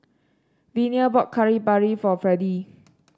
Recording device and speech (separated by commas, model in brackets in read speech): standing microphone (AKG C214), read sentence